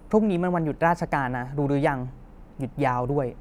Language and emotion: Thai, neutral